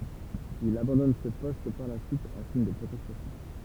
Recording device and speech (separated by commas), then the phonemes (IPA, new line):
temple vibration pickup, read sentence
il abɑ̃dɔn sə pɔst paʁ la syit ɑ̃ siɲ də pʁotɛstasjɔ̃